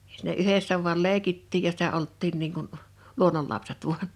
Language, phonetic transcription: Finnish, ᴊᴀ sɪ̀nä 'yhessä vu̬al 'lèikittiij ja sitä 'olttiin niiŋ kun , 'luoǹollapset vuan .
- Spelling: ja siinä yhdessä vain leikittiin ja sitä oltiin niin kuin luonnonlapset vain

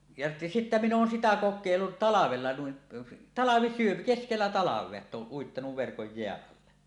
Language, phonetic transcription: Finnish, ja 'sittä minⁿ ‿oon 'sitä "kok̆kèillut 'talavella nuin , "talavisyöm- , 'keskellä 'talav̀ea ett ‿ooˀ 'ˀuittanuv verkoj "jeäˀ 'ˀalle .
- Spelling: ja sitten minä olen sitä kokeillut talvella noin - keskellä talvea että olen uittanut verkon jään alle

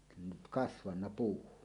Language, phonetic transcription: Finnish, nyt "kasvanna 'puu .
- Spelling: nyt kasvanut puu

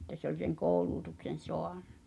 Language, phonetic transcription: Finnish, ᵉttä se ‿oĺ seŋ "koouluutuksen̬ 'soaɴɴᴬ .
- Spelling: että se oli sen koulutukseen saanut

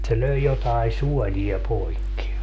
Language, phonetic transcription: Finnish, se 'löi jotai "suɔĺi₍a 'poikki .
- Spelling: se löi jotakin suolia poikki

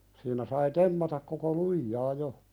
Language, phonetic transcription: Finnish, siinä sai 'temmatak koko "lujjaa jo .
- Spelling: siinä sai temmata koko lujaa jo

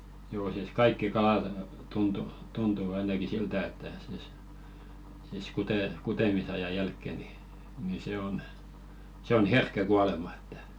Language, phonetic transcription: Finnish, joo sìs "kaikki 'kalat , tuntu , 'tuntu ainaki "siltä että sìs , siis kute- 'kutemisaja 'jälkke ni , ni 'se on , se on "herkkä 'kualema ᴇttᴀ̈ .
- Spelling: joo siis kaikki kalat tuntui tuntu ainakin siltä että siis siis - kutemisajan jälkeen niin niin se on se on herkkä kuolemaan että

